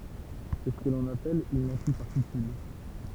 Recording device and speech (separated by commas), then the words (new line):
temple vibration pickup, read sentence
C'est ce qu'on appelle une antiparticule.